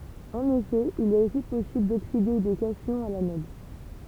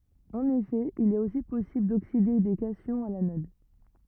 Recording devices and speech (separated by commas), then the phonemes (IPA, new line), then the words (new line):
temple vibration pickup, rigid in-ear microphone, read sentence
ɑ̃n efɛ il ɛt osi pɔsibl dokside de kasjɔ̃z a lanɔd
En effet, il est aussi possible d'oxyder des cations à l'anode.